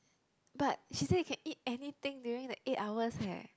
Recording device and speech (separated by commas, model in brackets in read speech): close-talking microphone, conversation in the same room